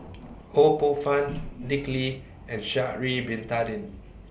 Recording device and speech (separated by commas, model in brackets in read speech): boundary microphone (BM630), read sentence